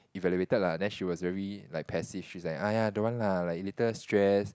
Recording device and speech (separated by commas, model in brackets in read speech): close-talking microphone, conversation in the same room